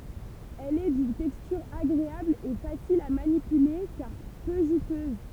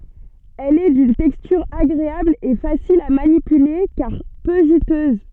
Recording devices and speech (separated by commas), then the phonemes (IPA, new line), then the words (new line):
temple vibration pickup, soft in-ear microphone, read sentence
ɛl ɛ dyn tɛkstyʁ aɡʁeabl e fasil a manipyle kaʁ pø ʒytøz
Elle est d'une texture agréable et facile à manipuler car peu juteuse.